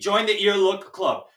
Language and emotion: English, neutral